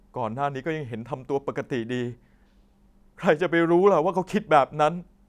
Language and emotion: Thai, sad